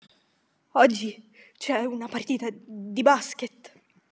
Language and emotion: Italian, fearful